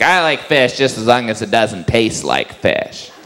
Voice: high-pitched voice